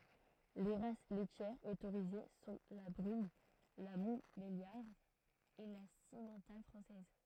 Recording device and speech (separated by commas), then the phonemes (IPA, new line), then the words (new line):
throat microphone, read sentence
le ʁas lɛtjɛʁz otoʁize sɔ̃ la bʁyn la mɔ̃tbeljaʁd e la simmɑ̃tal fʁɑ̃sɛz
Les races laitières autorisées sont la brune, la montbéliarde et la simmental française.